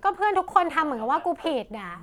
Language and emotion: Thai, frustrated